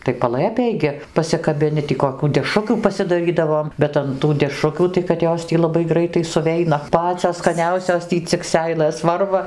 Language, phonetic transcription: Lithuanian, tai paˈlɘpėj gi pasikabiˈni tį koˈkių deˈšrukių pasidaˈrydavom ˈbet an tų deˈšrukių tai kad ˈjos tį laˈbai ˈgraitai suˈveina ˈpacios skaˈniausios ˈtį cik ˈseilɘs ˈvarva

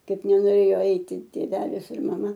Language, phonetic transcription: Lithuanian, ˈkaip nenoˈrėjo ˈaiti tėˈvelis ir maˈma

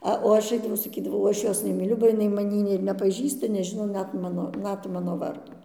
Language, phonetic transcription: Lithuanian, ˈa o ˈaš ˈaidavau saˈkydavau ˈaš ˈjos nemyˈliu ba jiˈnai maˈnį ir nepaˈžįsta neˈžino ˈnet ˈmano ˈnet ˈmano ˈvardo

